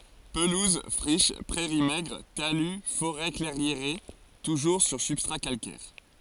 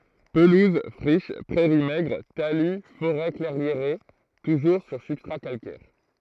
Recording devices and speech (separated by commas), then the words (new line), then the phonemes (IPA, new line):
forehead accelerometer, throat microphone, read sentence
Pelouses, friches, prairies maigres, talus, forêts clairiérées, toujours sur substrat calcaire.
pəluz fʁiʃ pʁɛʁi mɛɡʁ taly foʁɛ klɛʁjeʁe tuʒuʁ syʁ sybstʁa kalkɛʁ